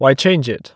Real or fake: real